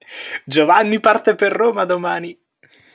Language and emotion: Italian, happy